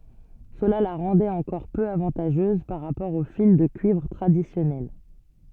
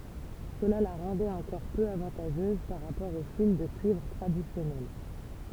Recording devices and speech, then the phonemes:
soft in-ear microphone, temple vibration pickup, read sentence
səla la ʁɑ̃dɛt ɑ̃kɔʁ pø avɑ̃taʒøz paʁ ʁapɔʁ o fil də kyivʁ tʁadisjɔnɛl

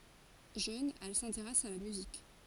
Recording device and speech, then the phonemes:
forehead accelerometer, read sentence
ʒøn ɛl sɛ̃teʁɛs a la myzik

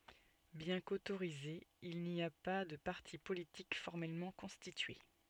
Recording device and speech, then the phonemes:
soft in-ear microphone, read sentence
bjɛ̃ kotoʁizez il ni a pa də paʁti politik fɔʁmɛlmɑ̃ kɔ̃stitye

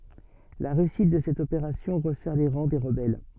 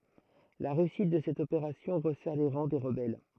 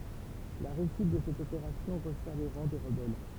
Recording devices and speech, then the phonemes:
soft in-ear microphone, throat microphone, temple vibration pickup, read sentence
la ʁeysit də sɛt opeʁasjɔ̃ ʁəsɛʁ le ʁɑ̃ de ʁəbɛl

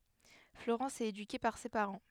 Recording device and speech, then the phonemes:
headset microphone, read sentence
floʁɑ̃s ɛt edyke paʁ se paʁɑ̃

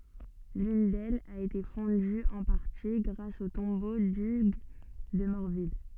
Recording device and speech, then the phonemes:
soft in-ear microphone, read sentence
lyn dɛlz a ete fɔ̃dy ɑ̃ paʁti ɡʁas o tɔ̃bo dyɡ də mɔʁvil

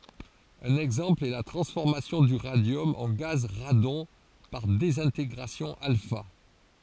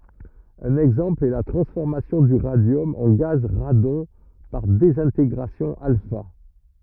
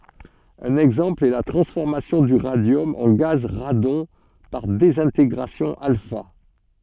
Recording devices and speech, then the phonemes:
forehead accelerometer, rigid in-ear microphone, soft in-ear microphone, read sentence
œ̃n ɛɡzɑ̃pl ɛ la tʁɑ̃sfɔʁmasjɔ̃ dy ʁadjɔm ɑ̃ ɡaz ʁadɔ̃ paʁ dezɛ̃teɡʁasjɔ̃ alfa

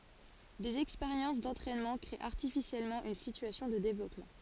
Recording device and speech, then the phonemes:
forehead accelerometer, read sentence
dez ɛkspeʁjɑ̃s dɑ̃tʁɛnmɑ̃ kʁee aʁtifisjɛlmɑ̃ yn sityasjɔ̃ də devlɔpmɑ̃

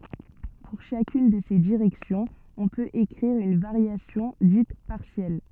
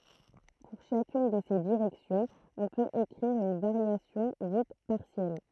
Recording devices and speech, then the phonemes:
soft in-ear microphone, throat microphone, read sentence
puʁ ʃakyn də se diʁɛksjɔ̃z ɔ̃ pøt ekʁiʁ yn vaʁjasjɔ̃ dit paʁsjɛl

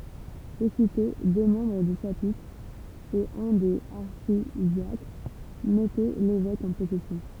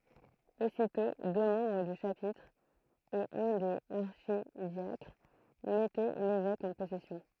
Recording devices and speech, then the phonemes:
temple vibration pickup, throat microphone, read sentence
ositɔ̃ dø mɑ̃bʁ dy ʃapitʁ e œ̃ dez aʁʃidjakʁ mɛtɛ levɛk ɑ̃ pɔsɛsjɔ̃

